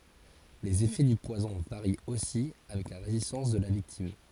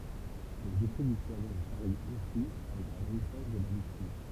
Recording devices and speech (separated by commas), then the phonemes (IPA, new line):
forehead accelerometer, temple vibration pickup, read sentence
lez efɛ dy pwazɔ̃ vaʁi osi avɛk la ʁezistɑ̃s də la viktim